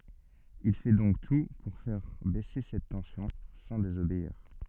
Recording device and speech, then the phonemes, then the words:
soft in-ear microphone, read sentence
il fɛ dɔ̃k tu puʁ fɛʁ bɛse sɛt tɑ̃sjɔ̃ sɑ̃ dezobeiʁ
Il fait donc tout pour faire baisser cette tension, sans désobéir.

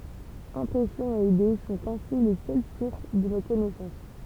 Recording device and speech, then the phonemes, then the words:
temple vibration pickup, read sentence
ɛ̃pʁɛsjɔ̃z e ide sɔ̃t ɛ̃si le sœl suʁs də no kɔnɛsɑ̃s
Impressions et idées sont ainsi les seules sources de nos connaissances.

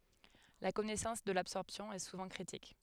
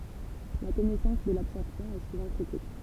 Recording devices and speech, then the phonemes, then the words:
headset microphone, temple vibration pickup, read sentence
la kɔnɛsɑ̃s də labsɔʁpsjɔ̃ ɛ suvɑ̃ kʁitik
La connaissance de l'absorption est souvent critique.

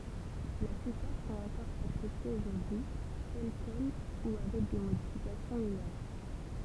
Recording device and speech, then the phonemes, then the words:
temple vibration pickup, read sentence
la plypaʁ sɔ̃t ɑ̃kɔʁ aksɛptez oʒuʁdyi tɛl kɛl u avɛk de modifikasjɔ̃ minœʁ
La plupart sont encore acceptées aujourd’hui, telles quelles ou avec des modifications mineures.

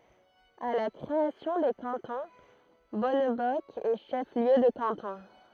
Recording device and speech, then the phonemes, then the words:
throat microphone, read sentence
a la kʁeasjɔ̃ de kɑ̃tɔ̃ bɔnbɔsk ɛ ʃɛf ljø də kɑ̃tɔ̃
À la création des cantons, Bonnebosq est chef-lieu de canton.

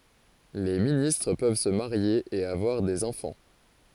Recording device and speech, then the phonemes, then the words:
forehead accelerometer, read sentence
le ministʁ pøv sə maʁje e avwaʁ dez ɑ̃fɑ̃
Les ministres peuvent se marier et avoir des enfants.

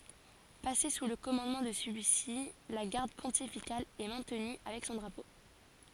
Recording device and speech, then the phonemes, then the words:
forehead accelerometer, read sentence
pase su lə kɔmɑ̃dmɑ̃ də səlyi si la ɡaʁd pɔ̃tifikal ɛ mɛ̃tny avɛk sɔ̃ dʁapo
Passée sous le commandement de celui-ci, la Garde pontificale est maintenue avec son drapeau.

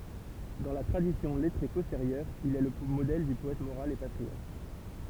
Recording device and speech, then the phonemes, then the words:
temple vibration pickup, read sentence
dɑ̃ la tʁadisjɔ̃ lɛtʁe pɔsteʁjœʁ il ɛ lə modɛl dy pɔɛt moʁal e patʁiɔt
Dans la tradition lettrée postérieure, il est le modèle du poète moral et patriote.

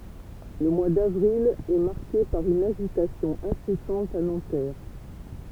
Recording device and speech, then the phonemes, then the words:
temple vibration pickup, read sentence
lə mwa davʁil ɛ maʁke paʁ yn aʒitasjɔ̃ ɛ̃sɛsɑ̃t a nɑ̃tɛʁ
Le mois d'avril est marqué par une agitation incessante à Nanterre.

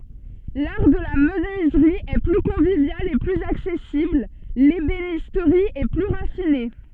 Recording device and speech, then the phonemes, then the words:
soft in-ear microphone, read sentence
laʁ də la mənyizʁi ɛ ply kɔ̃vivjal e plyz aksɛsibl lebenistʁi ɛ ply ʁafine
L'art de la menuiserie est plus convivial et plus accessible, l'ébénisterie est plus raffinée.

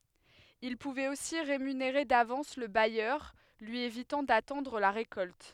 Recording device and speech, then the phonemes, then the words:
headset microphone, read sentence
il puvɛt osi ʁemyneʁe davɑ̃s lə bajœʁ lyi evitɑ̃ datɑ̃dʁ la ʁekɔlt
Il pouvait aussi rémunérer d'avance le bailleur, lui évitant d'attendre la récolte.

